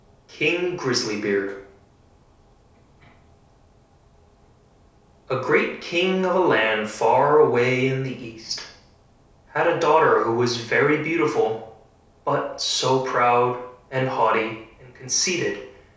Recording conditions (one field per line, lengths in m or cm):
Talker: one person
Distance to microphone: 3.0 m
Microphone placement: far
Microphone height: 1.8 m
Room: small (3.7 m by 2.7 m)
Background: none